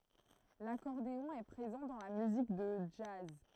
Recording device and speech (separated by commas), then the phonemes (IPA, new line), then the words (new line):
throat microphone, read sentence
lakɔʁdeɔ̃ ɛ pʁezɑ̃ dɑ̃ la myzik də dʒaz
L'accordéon est présent dans la musique de jazz.